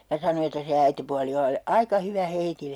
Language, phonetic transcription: Finnish, ja 'sano että se 'äitepuali oli (ollu) 'aika "hyvä "heitille .
- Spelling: ja sanoi että se äitipuoli oli ollut aika hyvä heille

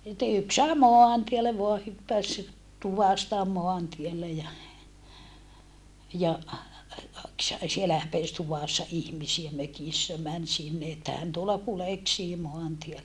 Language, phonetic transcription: Finnish, sitte yks sae moantielle voa hyppäs , tuvasta moantielle ja , ja , sielä häpès tuvàssa ihmisiä mökissä män sinne että hän tuola kuleksii moantiellä .
- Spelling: sitten yksi sai maantielle vain hyppäsi tuvasta maantielle ja ja siellä häpesi tuvassa ihmisiä mökissä meni sinne että hän tuolla kuljeksii maantiellä

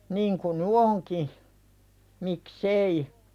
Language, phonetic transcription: Finnish, 'niiŋ ku nu̳ "oŋki , mik"s ‿ei .
- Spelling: niin kuin nyt onkin miksi ei

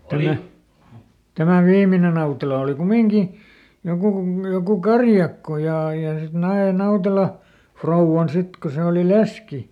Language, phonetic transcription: Finnish, ˈtämä , tämä "viimine ˈNautela oli ˈkumiŋki , ˈjokù ku- ˈjokù "karjakko jà ja sit ˈnae ˈNautela , "frouvvan ˈsit ko se oli "leski .
- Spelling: tämä tämä viimeinen Nautela oli kumminkin joku - joku karjakko ja ja sitten nai Nautela rouvan sitten kun se oli leski

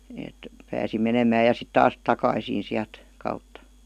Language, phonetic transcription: Finnish, èt , pääsi 'menemää ja sit 'taas , "takaisin̬ siält , kautta .
- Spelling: että pääsi menemään ja sitten taas takaisin sieltä kautta

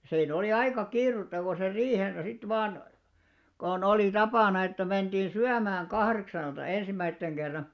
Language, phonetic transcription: Finnish, 'sii'n ‿oli "aika 'kiirutta ko ser 'riihensä 'sit 'vaan , kon 'olì 'tapana että 'menᴅiin̬ "syämääŋ "kahreksalta 'ensìm̆mäitteŋ ɢerra .
- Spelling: siinä oli aika kiirettä kun sen riihensä sitten vain kun oli tapana että mentiin syömään kahdeksalta ensimmäisen kerran

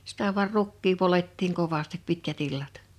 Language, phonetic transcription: Finnish, sitä vuar 'rukkii 'polettiiŋ 'kovastip 'pitkä't ‿illat .
- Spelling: sitä vain rukkia poljettiin kovasti pitkät illat

